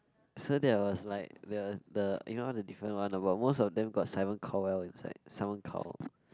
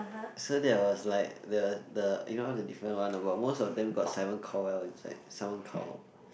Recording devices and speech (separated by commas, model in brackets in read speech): close-talking microphone, boundary microphone, conversation in the same room